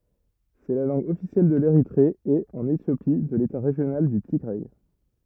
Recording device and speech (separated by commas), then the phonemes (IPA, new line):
rigid in-ear microphone, read sentence
sɛ la lɑ̃ɡ ɔfisjɛl də leʁitʁe e ɑ̃n etjopi də leta ʁeʒjonal dy tiɡʁɛ